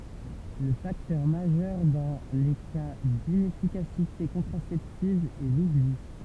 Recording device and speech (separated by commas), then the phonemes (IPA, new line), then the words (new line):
temple vibration pickup, read sentence
lə faktœʁ maʒœʁ dɑ̃ le ka dinɛfikasite kɔ̃tʁasɛptiv ɛ lubli
Le facteur majeur dans les cas d'inefficacité contraceptive est l'oubli.